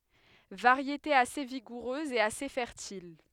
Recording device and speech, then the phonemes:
headset microphone, read sentence
vaʁjete ase viɡuʁøz e ase fɛʁtil

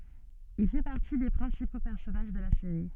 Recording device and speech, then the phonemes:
soft in-ear microphone, read sentence
il fɛ paʁti de pʁɛ̃sipo pɛʁsɔnaʒ də la seʁi

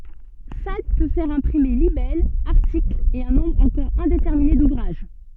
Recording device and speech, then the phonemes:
soft in-ear microphone, read sentence
sad pø fɛʁ ɛ̃pʁime libɛlz aʁtiklz e œ̃ nɔ̃bʁ ɑ̃kɔʁ ɛ̃detɛʁmine duvʁaʒ

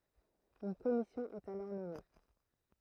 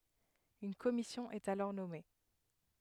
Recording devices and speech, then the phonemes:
throat microphone, headset microphone, read sentence
yn kɔmisjɔ̃ ɛt alɔʁ nɔme

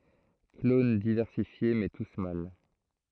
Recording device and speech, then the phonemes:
throat microphone, read sentence
klon divɛʁsifje mɛ tus mal

